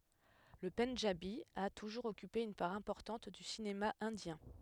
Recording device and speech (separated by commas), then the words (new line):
headset microphone, read sentence
Le pendjabi a toujours occupé une part importante du cinéma indien.